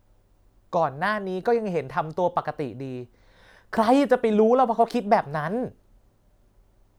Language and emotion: Thai, frustrated